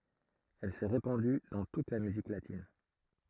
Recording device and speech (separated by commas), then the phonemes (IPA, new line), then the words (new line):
throat microphone, read sentence
ɛl sɛ ʁepɑ̃dy dɑ̃ tut la myzik latin
Elle s'est répandue dans toute la musique latine.